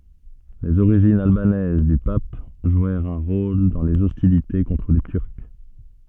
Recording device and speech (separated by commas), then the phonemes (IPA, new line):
soft in-ear microphone, read sentence
lez oʁiʒinz albanɛz dy pap ʒwɛʁt œ̃ ʁol dɑ̃ lez ɔstilite kɔ̃tʁ le tyʁk